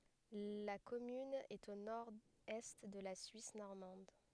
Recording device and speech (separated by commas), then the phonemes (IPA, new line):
headset microphone, read sentence
la kɔmyn ɛt o noʁɛst də la syis nɔʁmɑ̃d